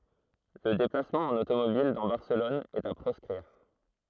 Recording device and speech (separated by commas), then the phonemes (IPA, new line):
throat microphone, read sentence
lə deplasmɑ̃ ɑ̃n otomobil dɑ̃ baʁsəlɔn ɛt a pʁɔskʁiʁ